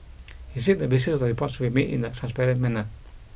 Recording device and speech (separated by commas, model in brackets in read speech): boundary microphone (BM630), read sentence